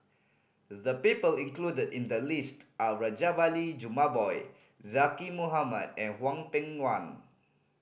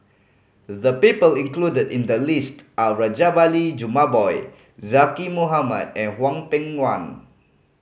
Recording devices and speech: boundary microphone (BM630), mobile phone (Samsung C5010), read sentence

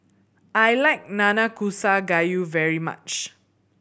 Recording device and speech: boundary microphone (BM630), read sentence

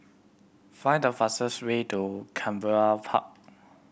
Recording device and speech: boundary microphone (BM630), read sentence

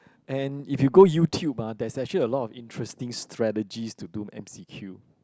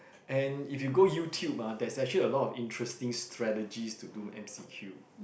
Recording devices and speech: close-talking microphone, boundary microphone, conversation in the same room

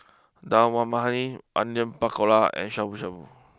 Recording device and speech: close-talking microphone (WH20), read sentence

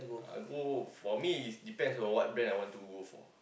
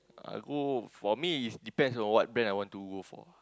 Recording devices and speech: boundary microphone, close-talking microphone, conversation in the same room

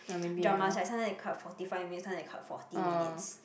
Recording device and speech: boundary microphone, conversation in the same room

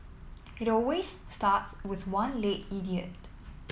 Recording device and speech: mobile phone (iPhone 7), read sentence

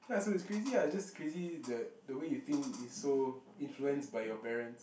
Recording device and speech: boundary microphone, conversation in the same room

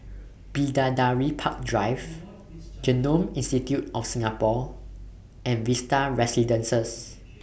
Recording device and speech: boundary microphone (BM630), read sentence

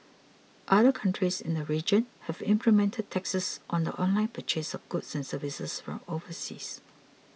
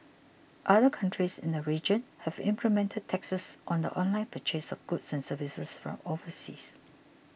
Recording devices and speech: mobile phone (iPhone 6), boundary microphone (BM630), read sentence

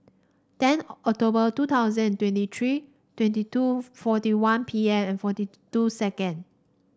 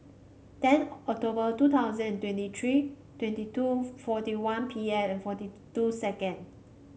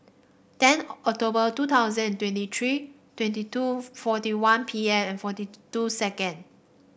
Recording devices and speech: standing microphone (AKG C214), mobile phone (Samsung C5), boundary microphone (BM630), read sentence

